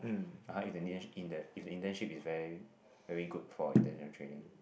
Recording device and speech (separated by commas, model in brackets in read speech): boundary microphone, conversation in the same room